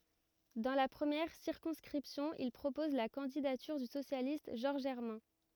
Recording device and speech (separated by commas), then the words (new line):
rigid in-ear microphone, read sentence
Dans la première circonscription, il propose la candidature du socialiste Georges Hermin.